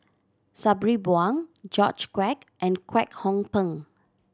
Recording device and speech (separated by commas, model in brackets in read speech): standing microphone (AKG C214), read sentence